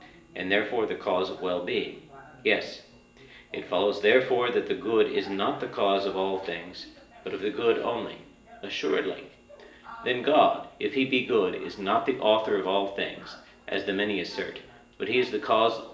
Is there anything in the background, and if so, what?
A television.